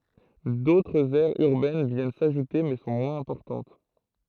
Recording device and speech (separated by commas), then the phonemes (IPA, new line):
throat microphone, read sentence
dotʁz ɛʁz yʁbɛn vjɛn saʒute mɛ sɔ̃ mwɛ̃z ɛ̃pɔʁtɑ̃t